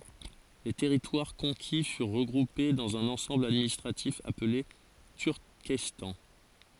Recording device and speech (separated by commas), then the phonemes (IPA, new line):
forehead accelerometer, read sentence
le tɛʁitwaʁ kɔ̃ki fyʁ ʁəɡʁupe dɑ̃z œ̃n ɑ̃sɑ̃bl administʁatif aple tyʁkɛstɑ̃